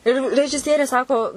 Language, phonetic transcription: Lithuanian, ir režiˈsierė ˈsako

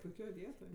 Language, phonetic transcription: Lithuanian, puiˈkioj ˈvietoj

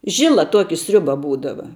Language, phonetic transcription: Lithuanian, ˈžila ˈtuoki ˈsriuba ˈbūdava

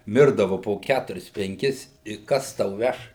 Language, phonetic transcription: Lithuanian, ˈmirdavu po ˈkæturis penˈkis i ˈkas tau ˈveš

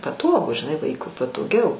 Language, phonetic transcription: Lithuanian, paˈtogu žiˈnai ˈvaikui patoˈgiau

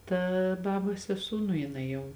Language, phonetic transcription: Lithuanian, ˈta ˈbabos seˈsū nu jiˈnai jau

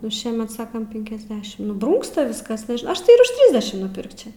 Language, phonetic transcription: Lithuanian, nu ˈšiemet ˈsakam ˈpinkiasdešim nu ˈbrūngsta ˈviskas nežinau ˈaš tai ir už ˈtrisdešim nuˈpirkčia

